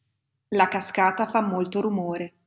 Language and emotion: Italian, neutral